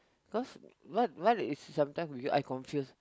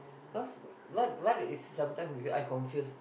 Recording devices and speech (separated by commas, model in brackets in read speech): close-talking microphone, boundary microphone, conversation in the same room